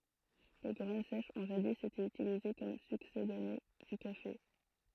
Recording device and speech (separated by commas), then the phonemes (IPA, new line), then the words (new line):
throat microphone, read sentence
le ɡʁɛn sɛʃz ɔ̃ ʒadi ete ytilize kɔm syksedane dy kafe
Les graines sèches ont jadis été utilisées comme succédané du café.